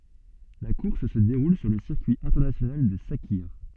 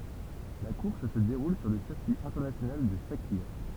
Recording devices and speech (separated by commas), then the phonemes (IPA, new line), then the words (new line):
soft in-ear microphone, temple vibration pickup, read sentence
la kuʁs sə deʁul syʁ lə siʁkyi ɛ̃tɛʁnasjonal də sakiʁ
La course se déroule sur le circuit international de Sakhir.